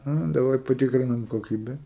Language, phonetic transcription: Lithuanian, ˈa daˈvai paˈtikrinam koˈkybe

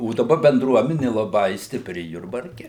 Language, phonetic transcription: Lithuanian, o daˈba benˈdruomeni laˈbai stiˈpri jurbarˈke

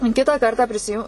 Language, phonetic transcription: Lithuanian, ˈkitą ˈkartą prisiˈju

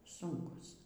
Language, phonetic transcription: Lithuanian, ˈsunkus

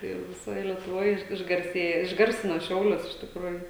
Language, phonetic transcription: Lithuanian, ˈtai jau viˈsoj lietuˈvoj iž išgarˈsėjo išˈgarsino ˈšiaulius iš tikˈrųju

